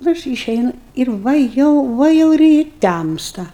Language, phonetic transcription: Lithuanian, nu ˈaš yˈšeinu ir ˈva jau ˈva jau ir i ˈtæmsta

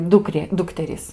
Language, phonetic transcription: Lithuanian, ˈdukrė ˈdukterys

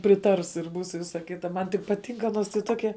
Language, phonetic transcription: Lithuanian, priˈtars ir ˈbūs i ˈvisa ˈkita ˈman ti paˈtink aˈnos tai ˈtokia

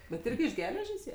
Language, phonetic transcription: Lithuanian, bet ˈirgi iš ˈgeležės ˈjie

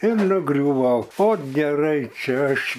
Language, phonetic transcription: Lithuanian, ir nuˈgriūvau ot geˈrai ˈčia ˈaš

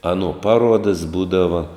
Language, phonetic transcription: Lithuanian, ˈaˌnuo ˈpaˌruodas ˈbūdava

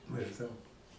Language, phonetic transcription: Lithuanian, mažˈdaug

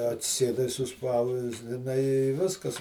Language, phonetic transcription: Lithuanian, atsiˈsėdai suˈspausdinai i ˈviskas

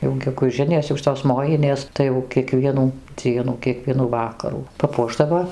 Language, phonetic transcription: Lithuanian, jau geguˈžinės jau ˈšitos ˈmojinės ˈtai jau kieˈkvienų ˈdzienų kieˈkvienų ˈvakarų paˈpuošdavo

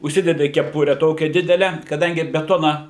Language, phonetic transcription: Lithuanian, užˈsidedi keˈpure ˈtokią ˈdidele kaˈdangi beˈtona

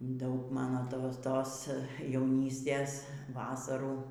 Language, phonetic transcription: Lithuanian, ˈdaug ˈmano ˈtos ˈtos jauˈnystės ˈvasarų

